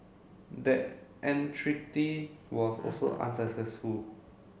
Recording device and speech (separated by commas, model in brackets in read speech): mobile phone (Samsung C7), read sentence